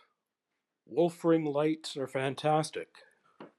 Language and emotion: English, sad